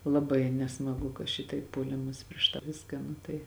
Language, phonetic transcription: Lithuanian, laˈbai nesmaˈgu ka ˈšitaip puoˈlimas prieš tą ˈviską ˈnu tai

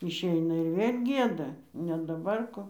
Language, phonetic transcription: Lithuanian, išˈeina ir ˈvėl' ˈgieda ne daˈbar ˈko

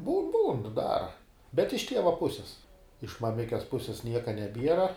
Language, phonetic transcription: Lithuanian, būn būn ˈdara bet iš ˈtieva ˈpusis iš maˈmikes ˈpusės ˈnieka neˈbiera

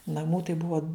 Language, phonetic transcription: Lithuanian, naˈmų tai ˈbua

